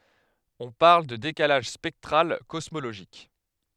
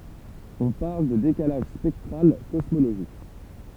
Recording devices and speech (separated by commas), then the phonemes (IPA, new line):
headset microphone, temple vibration pickup, read sentence
ɔ̃ paʁl də dekalaʒ spɛktʁal kɔsmoloʒik